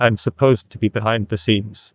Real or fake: fake